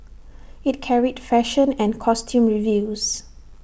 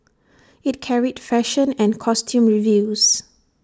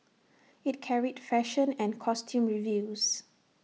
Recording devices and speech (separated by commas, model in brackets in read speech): boundary microphone (BM630), standing microphone (AKG C214), mobile phone (iPhone 6), read sentence